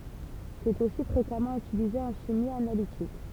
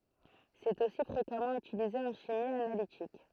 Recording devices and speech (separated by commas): temple vibration pickup, throat microphone, read sentence